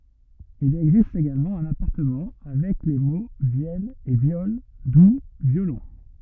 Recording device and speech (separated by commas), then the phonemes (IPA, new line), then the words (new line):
rigid in-ear microphone, read sentence
il ɛɡzist eɡalmɑ̃ œ̃n apaʁɑ̃tmɑ̃ avɛk le mo vjɛl e vjɔl du vjolɔ̃
Il existe également un apparentement avec les mots vièle et viole, d'où violon.